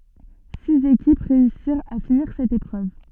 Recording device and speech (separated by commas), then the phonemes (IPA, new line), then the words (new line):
soft in-ear microphone, read sentence
siz ekip ʁeysiʁt a finiʁ sɛt epʁøv
Six équipes réussirent à finir cette épreuve.